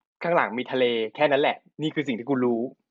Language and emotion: Thai, neutral